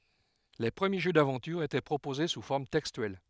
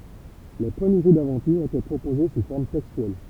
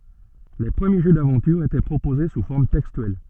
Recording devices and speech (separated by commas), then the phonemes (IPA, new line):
headset microphone, temple vibration pickup, soft in-ear microphone, read sentence
le pʁəmje ʒø davɑ̃tyʁ etɛ pʁopoze su fɔʁm tɛkstyɛl